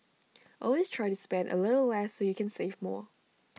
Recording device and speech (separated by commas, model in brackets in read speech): mobile phone (iPhone 6), read sentence